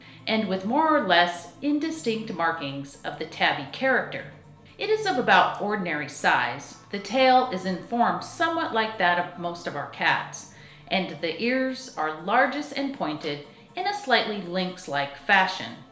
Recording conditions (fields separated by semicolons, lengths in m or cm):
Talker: one person; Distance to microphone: 1.0 m; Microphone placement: close; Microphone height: 1.1 m; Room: small (3.7 m by 2.7 m); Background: music